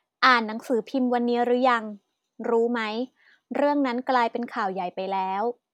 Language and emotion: Thai, neutral